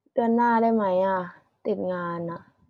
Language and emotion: Thai, frustrated